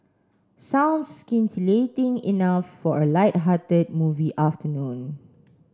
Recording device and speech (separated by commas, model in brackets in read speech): standing microphone (AKG C214), read sentence